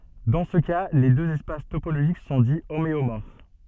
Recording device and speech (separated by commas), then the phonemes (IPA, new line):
soft in-ear microphone, read sentence
dɑ̃ sə ka le døz ɛspas topoloʒik sɔ̃ di omeomɔʁf